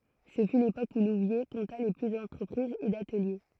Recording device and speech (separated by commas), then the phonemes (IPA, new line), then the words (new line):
throat microphone, read sentence
sə fy lepok u luvje kɔ̃ta lə ply dɑ̃tʁəpʁizz e datəlje
Ce fut l'époque où Louviers compta le plus d'entreprises et d'ateliers.